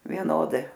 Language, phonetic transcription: Lithuanian, vieˈnodai

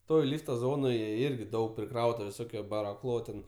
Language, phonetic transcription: Lithuanian, ˈtoj ˈlyfta ˈzonoje ˈirgi ˈdaug priˈkrauta viˈsokio baraˈchlo ten

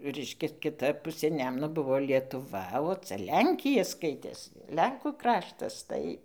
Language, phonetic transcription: Lithuanian, ˈreiškias kiˈta ˈpusė ˈnemuno ˈbuvo lietuˈva o ˈcia ˈlenkija ˈskaitės ˈlenkų ˈkraštas ˈtai

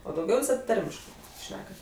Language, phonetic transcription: Lithuanian, o dauˈgiau viˈsad ˈtarmiškɜ ˈšnekat

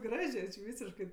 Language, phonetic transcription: Lithuanian, ˈgražė či ˈvysiškɜ

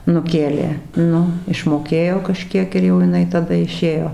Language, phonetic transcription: Lithuanian, nuˈkėlė ˈnu išmoˈkėjo kaˈžkiek ir jau jiˈnai taˈda iˈšėjo

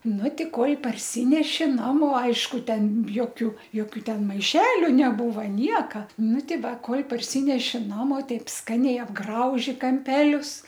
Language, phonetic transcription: Lithuanian, ˈnu ˈtį ˈkol' parˈsyneši ˈnamo ˈaišku ˈten ˈjokiu ˈjokiu ˈten maiˈšeliu neˈbūva ˈnieka ˈnu ˈti ˈva ˈkol' parˈsyneši ˈnamo ˈtaip ˈskaniai apˈgrauži kamˈpelius

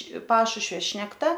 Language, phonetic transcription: Lithuanian, ˈpašušvio šnekˈta

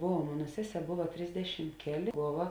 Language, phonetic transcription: Lithuanian, ˈbova ˈmona ˈseˌsē ˈbova ˈtrisdešim ˈkeˌlė ˈbova

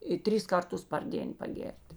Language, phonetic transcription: Lithuanian, i ˈtris ˈkarˌtus par ˈdėn paˈgėr't'

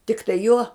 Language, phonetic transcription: Lithuanian, tikˈtai juo

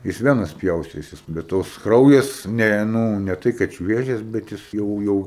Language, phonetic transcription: Lithuanian, ˈjis ˈvenas ˈpjaustėsis bet ˈtos ˈkraujas ˈne nū ne ˈtai kad ˈšviežias bet ˈjis ˈjau ˈjau

